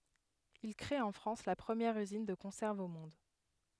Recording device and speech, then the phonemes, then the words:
headset microphone, read sentence
il kʁe ɑ̃ fʁɑ̃s la pʁəmjɛʁ yzin də kɔ̃sɛʁvz o mɔ̃d
Il crée en France la première usine de conserves au monde.

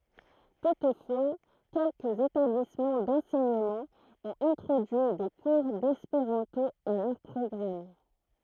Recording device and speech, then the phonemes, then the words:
throat microphone, read sentence
tutfwa kɛlkəz etablismɑ̃ dɑ̃sɛɲəmɑ̃ ɔ̃t ɛ̃tʁodyi de kuʁ dɛspeʁɑ̃to a lœʁ pʁɔɡʁam
Toutefois quelques établissements d'enseignement ont introduit des cours d'espéranto à leur programme.

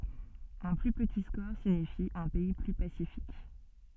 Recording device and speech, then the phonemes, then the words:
soft in-ear microphone, read sentence
œ̃ ply pəti skɔʁ siɲifi œ̃ pɛi ply pasifik
Un plus petit score signifie un pays plus pacifique.

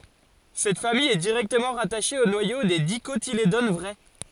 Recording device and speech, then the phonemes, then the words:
forehead accelerometer, read sentence
sɛt famij ɛ diʁɛktəmɑ̃ ʁataʃe o nwajo de dikotiledon vʁɛ
Cette famille est directement rattachée au noyau des Dicotylédones vraies.

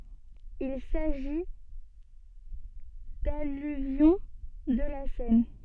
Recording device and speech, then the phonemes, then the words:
soft in-ear microphone, read sentence
il saʒi dalyvjɔ̃ də la sɛn
Il s'agit d'alluvions de la Seine.

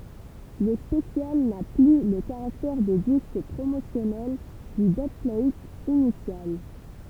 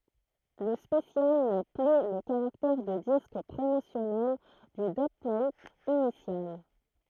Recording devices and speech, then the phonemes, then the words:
temple vibration pickup, throat microphone, read sentence
lə spəsjal na ply lə kaʁaktɛʁ də disk pʁomosjɔnɛl dy dybplat inisjal
Le special n'a plus le caractère de disque promotionnel du dubplate initial.

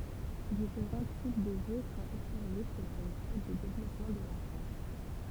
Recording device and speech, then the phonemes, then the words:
temple vibration pickup, read sentence
difeʁɑ̃ tip də ʒø sɔ̃t ɔbsɛʁve səlɔ̃ le stad də devlɔpmɑ̃ də lɑ̃fɑ̃
Différents types de jeu sont observés selon les stades de développement de l’enfant.

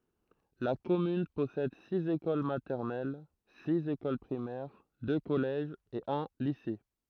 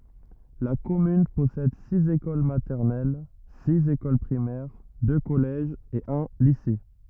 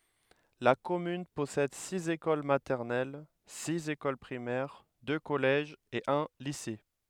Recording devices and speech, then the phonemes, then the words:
throat microphone, rigid in-ear microphone, headset microphone, read sentence
la kɔmyn pɔsɛd siz ekol matɛʁnɛl siz ekol pʁimɛʁ dø kɔlɛʒz e œ̃ lise
La commune possède six écoles maternelles, six écoles primaires, deux collèges et un lycée.

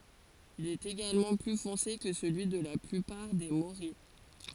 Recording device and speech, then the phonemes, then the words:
forehead accelerometer, read sentence
il ɛt eɡalmɑ̃ ply fɔ̃se kə səlyi də la plypaʁ de moʁij
Il est également plus foncé que celui de la plupart des morilles.

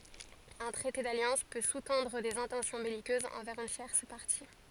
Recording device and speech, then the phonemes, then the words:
forehead accelerometer, read sentence
œ̃ tʁɛte daljɑ̃s pø su tɑ̃dʁ dez ɛ̃tɑ̃sjɔ̃ bɛlikøzz ɑ̃vɛʁz yn tjɛʁs paʁti
Un traité d'alliance peut sous-tendre des intentions belliqueuses envers une tierce partie.

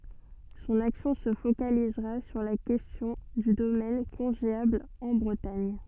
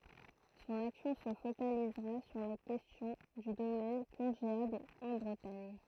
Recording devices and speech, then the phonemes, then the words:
soft in-ear microphone, throat microphone, read sentence
sɔ̃n aksjɔ̃ sə fokalizʁa syʁ la kɛstjɔ̃ dy domɛn kɔ̃ʒeabl ɑ̃ bʁətaɲ
Son action se focalisera sur la question du domaine congéable en Bretagne.

